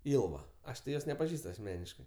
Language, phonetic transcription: Lithuanian, ˈilva ˈaš ti ˈjos nepaˈžįst asˈmeniškɜ

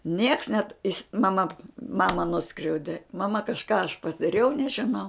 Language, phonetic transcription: Lithuanian, nieks net is maˈma ˈmama ˈnuskriaudi maˈma kažˈką aš padaˈriau nežiˈnau

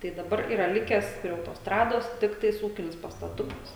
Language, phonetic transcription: Lithuanian, tai daˈbar ˈyra ˈlikes prie autosˈtrados ˈtiktais ˈūkinis pastaˈtukas

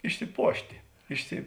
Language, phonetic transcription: Lithuanian, išsiˈpuošti ˈišsi

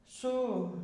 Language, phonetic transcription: Lithuanian, ˈsu

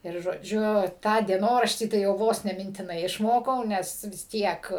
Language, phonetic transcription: Lithuanian, ir žoˈdžiu ˈtą dieˈnoraštį tai jau ˈvos ne mintiˈnai išˈmokau ˈnes vis ˈtiek

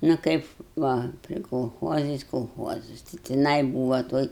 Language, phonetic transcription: Lithuanian, nu ˈkaip ˈva pri kolˈchuozais kolˈchuozas tai tiˈnai ˈbūva ˈtoj

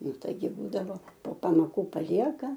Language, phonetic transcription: Lithuanian, ˈnu ˈtaigi ˈbūdavo po pamoˈkų paˈlieka

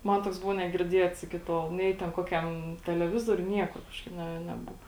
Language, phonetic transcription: Lithuanian, ˈman ˈtoks ˈbuvo negirˈdiets ˈiki ˈtol ˈnei ten ˈkokiam teleˈvizoriuj ˈniekur ˈkažkaip ˈne neˈbuva

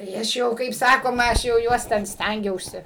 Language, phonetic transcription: Lithuanian, tai ˈaš jau kaip ˈsakoma ˈaš jau ˈjuos ˈten ˈstængiausi

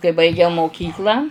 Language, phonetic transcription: Lithuanian, kai baiˈgiau moˈkyklą

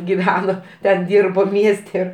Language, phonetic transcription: Lithuanian, giˈveno ten ˈdyrbo ˈmieste

